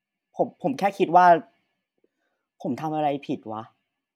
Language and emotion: Thai, frustrated